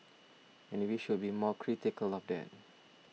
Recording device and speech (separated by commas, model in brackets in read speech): mobile phone (iPhone 6), read sentence